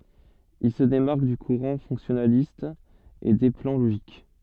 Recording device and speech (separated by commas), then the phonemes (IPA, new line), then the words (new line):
soft in-ear microphone, read sentence
il sə demaʁk dy kuʁɑ̃ fɔ̃ksjɔnalist e de plɑ̃ loʒik
Il se démarque du courant fonctionnaliste et des plans logiques.